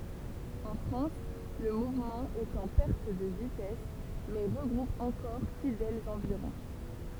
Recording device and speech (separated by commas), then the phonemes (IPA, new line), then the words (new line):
temple vibration pickup, read sentence
ɑ̃ fʁɑ̃s lə muvmɑ̃ ɛt ɑ̃ pɛʁt də vitɛs mɛ ʁəɡʁup ɑ̃kɔʁ fidɛlz ɑ̃viʁɔ̃
En France, le mouvement est en perte de vitesse mais regroupe encore fidèles environ.